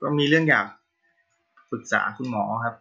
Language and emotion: Thai, frustrated